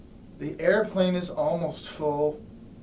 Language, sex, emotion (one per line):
English
male
disgusted